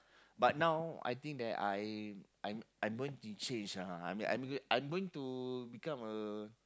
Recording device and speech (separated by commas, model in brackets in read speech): close-talking microphone, conversation in the same room